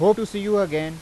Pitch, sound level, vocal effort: 205 Hz, 95 dB SPL, loud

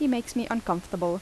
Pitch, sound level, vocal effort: 230 Hz, 80 dB SPL, normal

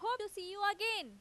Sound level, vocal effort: 97 dB SPL, very loud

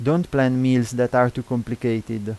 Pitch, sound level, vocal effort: 125 Hz, 86 dB SPL, normal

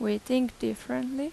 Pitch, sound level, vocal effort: 215 Hz, 83 dB SPL, normal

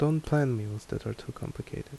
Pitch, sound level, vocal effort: 145 Hz, 75 dB SPL, soft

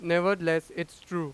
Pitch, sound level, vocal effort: 170 Hz, 97 dB SPL, very loud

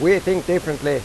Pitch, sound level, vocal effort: 175 Hz, 92 dB SPL, loud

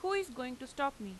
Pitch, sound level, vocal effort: 260 Hz, 90 dB SPL, loud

